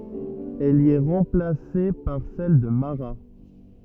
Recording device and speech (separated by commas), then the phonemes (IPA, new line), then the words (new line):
rigid in-ear microphone, read sentence
ɛl i ɛ ʁɑ̃plase paʁ sɛl də maʁa
Elle y est remplacée par celle de Marat.